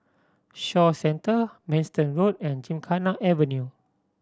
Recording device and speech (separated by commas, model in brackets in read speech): standing microphone (AKG C214), read sentence